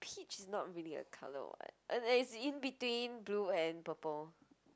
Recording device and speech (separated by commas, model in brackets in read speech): close-talking microphone, conversation in the same room